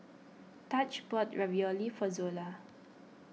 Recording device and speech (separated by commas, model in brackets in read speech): mobile phone (iPhone 6), read sentence